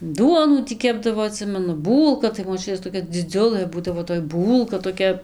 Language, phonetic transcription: Lithuanian, ˈduonų ˈtį ˈkepdavo aˈtsimenu ˈbūlka tai moˈčiutės toˈkia dziˈdziulɘ ˈbūdavo toj ˈbūlka toˈkia

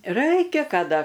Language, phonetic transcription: Lithuanian, ˈraikia kaˈda

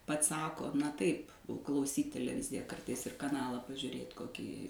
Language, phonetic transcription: Lithuanian, ˈpats ˈsako na ˈtaip klauˈsyt teleˈvizija ˈkartais ir kaˈnalą pažiurėt koˈkį

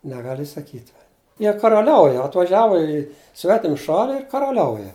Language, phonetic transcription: Lithuanian, neˈgali saˈkyt va ˈjie karaˈliauja atvaˈžiavo į ˈsvetim ˈšali ir karaˈliauja

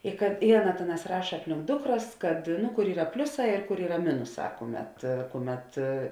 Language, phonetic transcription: Lithuanian, i kad i ˈaˌna ˈtėˌnās ˈraša ˈaplink ˈdukˌras kad ˈnu kur ˈyra ˈpliuˌsā ir kur ˈyra ˈminuˌsā ˈkuˌmet ˈkuˌmet

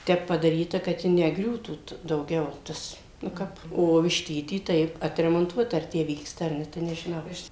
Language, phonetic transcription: Lithuanian, ˈtep padaˈryta kad ˈji neˈgriūtų t dauˈgiau ˈtas nu ˈkap o višˈtyty ˈtaip atremonˈtuota ar ˈtę ˈvyksta ar ˈne tai nežiˈnau aš

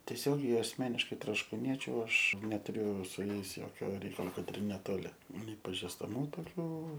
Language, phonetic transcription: Lithuanian, tieˈsiogiai asˈmeniškai troškūˈniečiu ˈaš netuˈriu su ˈjais ˈjokio ˈreikalo ˈkad ir neˈtoli nei pažistaˈmų toˈkių

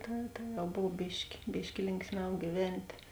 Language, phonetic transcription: Lithuanian, ˈta ta jau ˈbov ˈbiški ˈbiški ˈlinksˌmiau gyˈventė

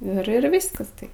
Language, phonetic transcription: Lithuanian, ir ˈir ˈvyskas tai

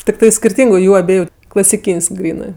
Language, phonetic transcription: Lithuanian, tikˈtai skirˈtyngu ˈjų aˈbieju klasiˈkyn's' ˈgrynɜ

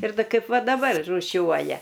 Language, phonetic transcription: Lithuanian, ir ˈda ˈkaip ˈva daˈbar rūˈšiuoja

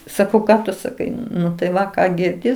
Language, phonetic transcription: Lithuanian, saˈkau ˈką tu saˈkai nu tai ˈva ˈką girˈdi

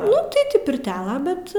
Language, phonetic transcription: Lithuanian, ˈnu ti ˈtį pirˈtiala bet

